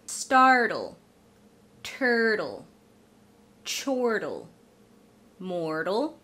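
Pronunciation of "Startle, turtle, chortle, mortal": In 'startle', 'turtle', 'chortle' and 'mortal', the t after the r is said as a flap T and is followed by a syllabic L.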